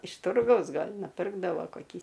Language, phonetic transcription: Lithuanian, iš ˈturgaus ˈgal' nuˈpirkdavo koˈkį

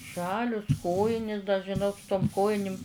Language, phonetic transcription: Lithuanian, ˈžalius ˈkojinis da žiˈnok su tom ˈkojinim

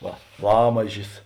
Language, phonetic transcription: Lithuanian, ˈva ˈlamažis

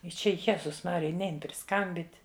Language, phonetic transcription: Lithuanian, i ˈčia ˈjezus ˈmarija ˈnein priˈskambyt'

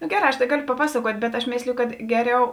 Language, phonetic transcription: Lithuanian, nu ˈgeˌrā aš tai ˈgaˌlio paˈpasaˌkuot' bet aš ˈmėslėjo kad ˈgeˌriau

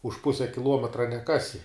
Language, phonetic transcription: Lithuanian, už ˈpuse kiˈluometra neˈkasi

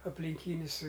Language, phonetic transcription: Lithuanian, aplinˈkynis

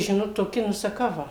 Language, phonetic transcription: Lithuanian, ˈžinot toˈki nu saˈkau ˈva

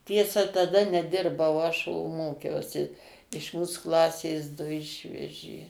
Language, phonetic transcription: Lithuanian, ˈtiesa taˈda neˈdirbau aš o ˈmokiausi iš ˈmūs ˈklasės ˈdu ˈišvežė

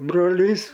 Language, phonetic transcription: Lithuanian, broˈlys

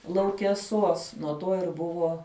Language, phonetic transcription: Lithuanian, laukeˈsuos nuo ˈto ir ˈbuvo

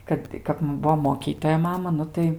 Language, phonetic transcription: Lithuanian, ˈkad tai ˈkap ˈbuo moˈkytoja ˈmama ˈnu tai

